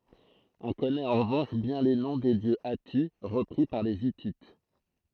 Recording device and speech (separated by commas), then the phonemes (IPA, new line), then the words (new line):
throat microphone, read sentence
ɔ̃ kɔnɛt ɑ̃ ʁəvɑ̃ʃ bjɛ̃ le nɔ̃ de djø ati ʁəpʁi paʁ le itit
On connaît en revanche bien les noms des dieux hattis, repris par les Hittites.